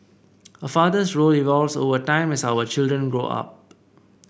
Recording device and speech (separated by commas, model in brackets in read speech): boundary microphone (BM630), read sentence